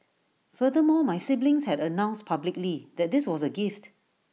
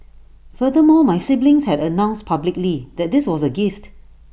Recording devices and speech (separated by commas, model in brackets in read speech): mobile phone (iPhone 6), boundary microphone (BM630), read sentence